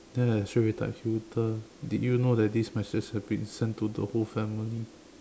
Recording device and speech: standing microphone, conversation in separate rooms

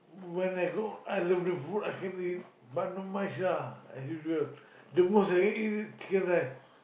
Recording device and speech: boundary microphone, conversation in the same room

